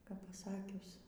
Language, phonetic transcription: Lithuanian, kap paˈsakius

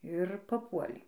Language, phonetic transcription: Lithuanian, ir paˈpuolei

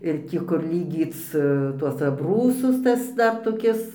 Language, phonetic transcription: Lithuanian, ir ˈtį kur lyˈgyc tuos abˈrūsus ˈtas ˈdar toˈkis

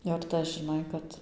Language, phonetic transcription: Lithuanian, jau ir ˈtas žiˈnai kad

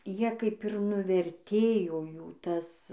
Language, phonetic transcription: Lithuanian, ˈjie kaip ir nuverˈtėjo ˈjų ˈtas

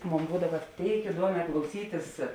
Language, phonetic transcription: Lithuanian, ˈmon ˈbūdava ˈtėik iˈduomē klauˈsytis

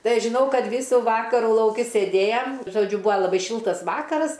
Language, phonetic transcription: Lithuanian, ˈtai ˈaš žiˈnau ˈkad ˈvysų ˈvakarų lauˈki sėˈdėjam žoˈdžiu ˈbua laˈbai ˈšiltas ˈvakaras

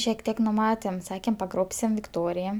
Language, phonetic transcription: Lithuanian, šiek ˈtiek nuˈmatėm ˈsakėm paˈgrobsim vikˈtorija

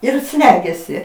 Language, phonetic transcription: Lithuanian, ir ˈslegiasi

